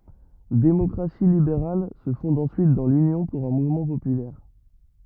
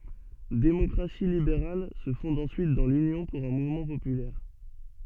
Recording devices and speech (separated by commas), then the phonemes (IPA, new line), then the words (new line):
rigid in-ear microphone, soft in-ear microphone, read sentence
demɔkʁasi libeʁal sə fɔ̃d ɑ̃syit dɑ̃ lynjɔ̃ puʁ œ̃ muvmɑ̃ popylɛʁ
Démocratie libérale se fonde ensuite dans l'Union pour un mouvement populaire.